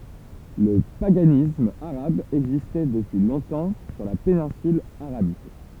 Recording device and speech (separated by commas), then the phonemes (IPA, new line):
temple vibration pickup, read sentence
lə paɡanism aʁab ɛɡzistɛ dəpyi lɔ̃tɑ̃ syʁ la penɛ̃syl aʁabik